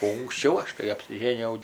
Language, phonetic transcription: Lithuanian, o unksˈčiau ˈaš kai apsiˈžėnijau

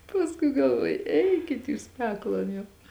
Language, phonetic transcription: Lithuanian, pasˈkui galˈvuoju ˈeikit ˈjūs ˈpeklon jau

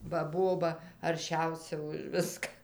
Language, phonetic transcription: Lithuanian, ba ˈboba arˈšiausia už ˈviska

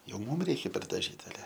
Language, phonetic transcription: Lithuanian, ˈjau ˈmūm ˈreikia perdaˈžyt aˈle

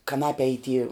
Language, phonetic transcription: Lithuanian, kaˈnape y ty

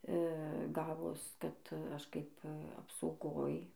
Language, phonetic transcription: Lithuanian, ˈgavos ˈkad ˈaš kaip apsauˈgoj

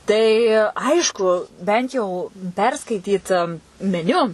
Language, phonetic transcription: Lithuanian, tai ˈaišku ˈbent jau perˈskaityt meˈniu

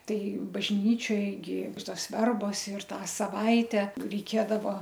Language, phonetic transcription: Lithuanian, ˈtai bažˈnyčioj gi ˈtos ˈverbos ir ˈtą saˈvaite reiˈkėdava

